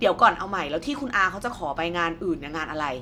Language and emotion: Thai, angry